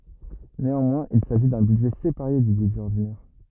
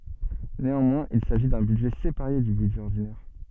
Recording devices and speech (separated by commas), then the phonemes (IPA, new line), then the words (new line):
rigid in-ear microphone, soft in-ear microphone, read sentence
neɑ̃mwɛ̃z il saʒi dœ̃ bydʒɛ sepaʁe dy bydʒɛ ɔʁdinɛʁ
Néanmoins il s'agit d'un budget séparé du budget ordinaire.